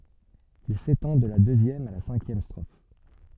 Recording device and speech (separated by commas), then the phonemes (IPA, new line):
soft in-ear microphone, read sentence
il setɑ̃ də la døzjɛm a la sɛ̃kjɛm stʁof